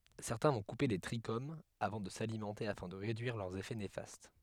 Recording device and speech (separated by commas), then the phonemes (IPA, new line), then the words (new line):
headset microphone, read sentence
sɛʁtɛ̃ vɔ̃ kupe le tʁiʃomz avɑ̃ də salimɑ̃te afɛ̃ də ʁedyiʁ lœʁz efɛ nefast
Certains vont couper les trichomes avant de s'alimenter afin de réduire leurs effets néfastes.